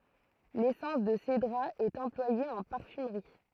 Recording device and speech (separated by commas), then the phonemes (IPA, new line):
throat microphone, read sentence
lesɑ̃s də sedʁa ɛt ɑ̃plwaje ɑ̃ paʁfymʁi